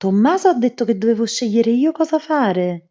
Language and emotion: Italian, surprised